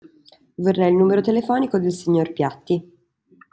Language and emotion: Italian, neutral